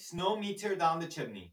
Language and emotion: English, fearful